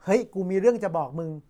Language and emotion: Thai, happy